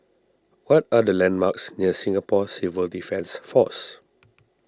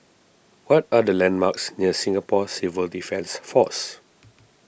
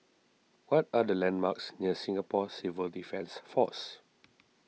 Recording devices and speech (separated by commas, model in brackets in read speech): standing microphone (AKG C214), boundary microphone (BM630), mobile phone (iPhone 6), read sentence